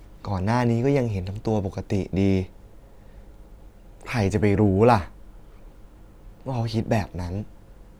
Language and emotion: Thai, sad